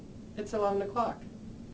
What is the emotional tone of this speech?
neutral